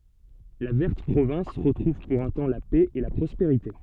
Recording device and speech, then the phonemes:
soft in-ear microphone, read sentence
la vɛʁt pʁovɛ̃s ʁətʁuv puʁ œ̃ tɑ̃ la pɛ e la pʁɔspeʁite

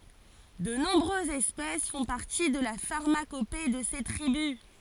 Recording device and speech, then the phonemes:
forehead accelerometer, read sentence
də nɔ̃bʁøzz ɛspɛs fɔ̃ paʁti də la faʁmakope də se tʁibys

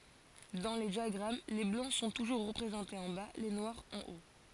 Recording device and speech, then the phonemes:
forehead accelerometer, read sentence
dɑ̃ le djaɡʁam le blɑ̃ sɔ̃ tuʒuʁ ʁəpʁezɑ̃tez ɑ̃ ba le nwaʁz ɑ̃ o

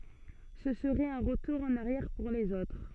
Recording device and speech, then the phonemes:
soft in-ear microphone, read sentence
sə səʁɛt œ̃ ʁətuʁ ɑ̃n aʁjɛʁ puʁ lez otʁ

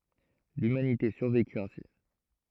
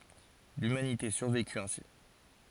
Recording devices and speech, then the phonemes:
throat microphone, forehead accelerometer, read sentence
lymanite syʁvekyt ɛ̃si

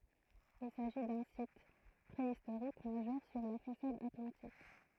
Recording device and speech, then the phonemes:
throat microphone, read sentence
il saʒi dœ̃ sit pʁeistoʁik maʒœʁ syʁ la fasad atlɑ̃tik

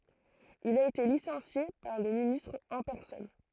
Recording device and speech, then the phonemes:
throat microphone, read sentence
il a ete lisɑ̃sje paʁ lə ministʁ ɑ̃ pɛʁsɔn

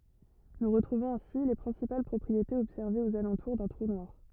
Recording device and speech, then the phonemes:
rigid in-ear microphone, read sentence
nu ʁətʁuvɔ̃z ɛ̃si le pʁɛ̃sipal pʁɔpʁietez ɔbsɛʁvez oz alɑ̃tuʁ dœ̃ tʁu nwaʁ

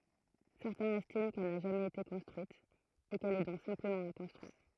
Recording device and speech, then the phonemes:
throat microphone, read sentence
sɛʁtɛ̃z ɛstim kɛl na ʒamɛz ete kɔ̃stʁyit e kɛl ɛ dɔ̃k sɛ̃pləmɑ̃ a kɔ̃stʁyiʁ

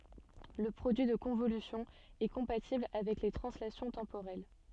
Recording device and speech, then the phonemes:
soft in-ear microphone, read sentence
lə pʁodyi də kɔ̃volysjɔ̃ ɛ kɔ̃patibl avɛk le tʁɑ̃slasjɔ̃ tɑ̃poʁɛl

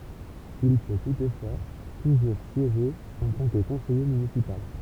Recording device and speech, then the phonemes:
temple vibration pickup, read sentence
il pø tutfwa tuʒuʁ sjeʒe ɑ̃ tɑ̃ kə kɔ̃sɛje mynisipal

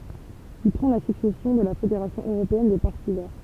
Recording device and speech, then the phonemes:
temple vibration pickup, read sentence
il pʁɑ̃ la syksɛsjɔ̃ də la fedeʁasjɔ̃ øʁopeɛn de paʁti vɛʁ

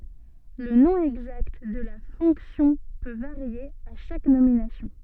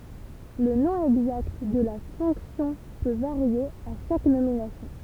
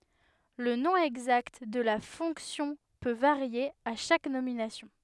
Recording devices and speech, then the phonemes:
soft in-ear microphone, temple vibration pickup, headset microphone, read sentence
lə nɔ̃ ɛɡzakt də la fɔ̃ksjɔ̃ pø vaʁje a ʃak nominasjɔ̃

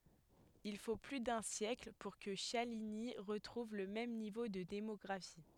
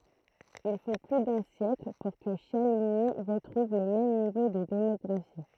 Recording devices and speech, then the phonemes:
headset microphone, throat microphone, read sentence
il fo ply dœ̃ sjɛkl puʁ kə ʃaliɲi ʁətʁuv lə mɛm nivo də demɔɡʁafi

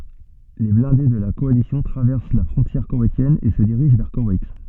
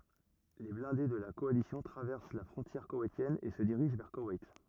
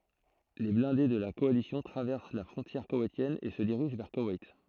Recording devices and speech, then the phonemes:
soft in-ear microphone, rigid in-ear microphone, throat microphone, read sentence
le blɛ̃de də la kɔalisjɔ̃ tʁavɛʁs la fʁɔ̃tjɛʁ kowɛjtjɛn e sə diʁiʒ vɛʁ kowɛjt

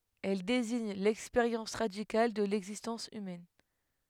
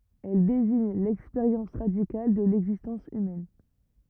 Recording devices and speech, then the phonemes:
headset microphone, rigid in-ear microphone, read sentence
ɛl deziɲ lɛkspeʁjɑ̃s ʁadikal də lɛɡzistɑ̃s ymɛn

